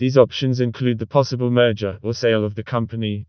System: TTS, vocoder